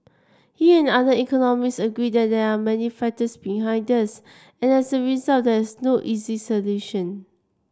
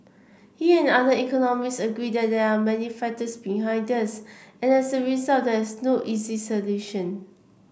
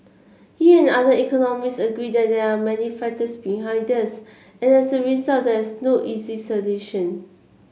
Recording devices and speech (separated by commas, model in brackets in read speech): standing microphone (AKG C214), boundary microphone (BM630), mobile phone (Samsung C7), read sentence